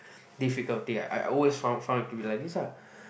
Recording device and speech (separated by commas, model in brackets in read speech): boundary microphone, conversation in the same room